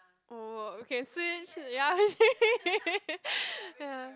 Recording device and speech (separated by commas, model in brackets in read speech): close-talking microphone, conversation in the same room